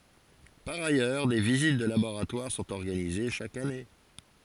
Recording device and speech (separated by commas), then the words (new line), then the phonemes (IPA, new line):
forehead accelerometer, read sentence
Par ailleurs, des visites de laboratoires sont organisées chaque année.
paʁ ajœʁ de vizit də laboʁatwaʁ sɔ̃t ɔʁɡanize ʃak ane